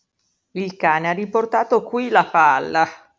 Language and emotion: Italian, disgusted